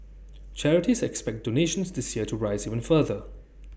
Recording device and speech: boundary microphone (BM630), read sentence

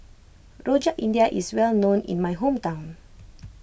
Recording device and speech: boundary microphone (BM630), read sentence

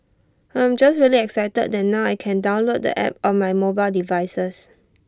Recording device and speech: standing microphone (AKG C214), read sentence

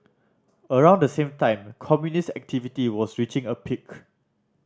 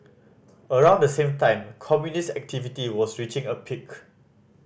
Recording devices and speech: standing microphone (AKG C214), boundary microphone (BM630), read sentence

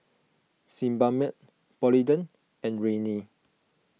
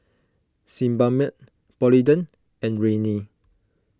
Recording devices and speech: mobile phone (iPhone 6), close-talking microphone (WH20), read sentence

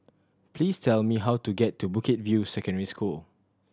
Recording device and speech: standing microphone (AKG C214), read sentence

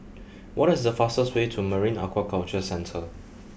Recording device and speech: boundary microphone (BM630), read sentence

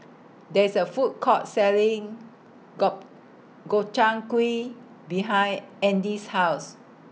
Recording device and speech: mobile phone (iPhone 6), read sentence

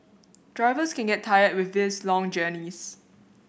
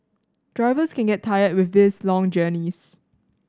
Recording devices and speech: boundary microphone (BM630), standing microphone (AKG C214), read sentence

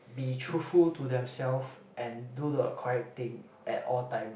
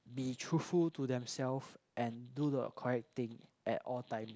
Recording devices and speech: boundary microphone, close-talking microphone, conversation in the same room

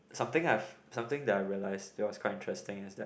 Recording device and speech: boundary microphone, conversation in the same room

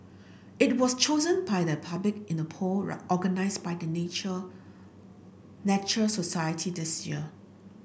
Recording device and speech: boundary microphone (BM630), read sentence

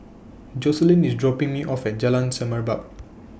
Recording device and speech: boundary microphone (BM630), read sentence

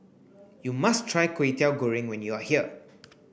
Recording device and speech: boundary microphone (BM630), read sentence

